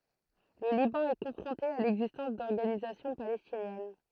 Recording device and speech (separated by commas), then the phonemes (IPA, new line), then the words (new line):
throat microphone, read sentence
lə libɑ̃ ɛ kɔ̃fʁɔ̃te a lɛɡzistɑ̃s dɔʁɡanizasjɔ̃ palɛstinjɛn
Le Liban est confronté à l'existence d'organisations palestinienne.